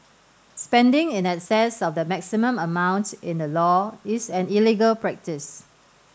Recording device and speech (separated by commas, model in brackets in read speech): standing microphone (AKG C214), read sentence